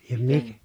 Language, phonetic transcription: Finnish, ja mi- ,.
- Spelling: ja -

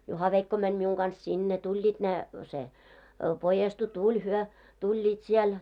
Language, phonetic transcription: Finnish, 'Juhaveikko mäń 'miuŋ ɢans 'sinne , 'tuĺĺiit ne , se , 'pojestu "tuĺ hyö , 'tuĺĺiit siel .
- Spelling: Juha-veikko meni minun kanssa sinne tulivat ne se pojestu tuli he tulivat siellä

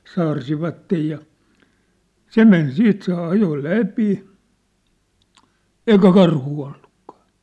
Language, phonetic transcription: Finnish, 'saarsivattej ja , "se men "siit se "ajo "läpi , "eikä "karhuu ollukkᴀᴀ !
- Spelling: saarsivat ja se meni siitä se ajoi läpi eikä karhua ollutkaan

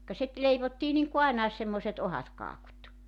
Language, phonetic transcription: Finnish, ka sit 'leivottii niŋku "aenaes semmoⁱset 'ohat 'kaakut .
- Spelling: ka sitten leivottiin niin kuin ainakin semmoiset ohuet kakut

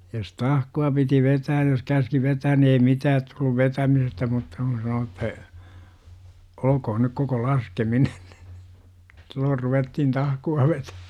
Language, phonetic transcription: Finnish, jos "tahku₍a piti "vetääj jos käski 'vetään ni ei "mitäät tulluv 'vetämisestä mutta kun̬ sano että , 'ol°kohon » nyk koko "laskeminen « NI , 'silloor ruvettihn "tahku₍a vetä- .
- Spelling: jos tahkoa piti vetää jos käski vetämään niin ei mitään tullut vetämisestä mutta kun sanoi että olkoon nyt koko laskeminen niin silloin ruvettiin tahkoa vetämään

